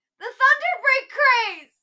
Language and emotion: English, sad